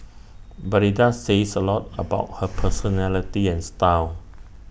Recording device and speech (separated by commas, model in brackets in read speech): boundary microphone (BM630), read sentence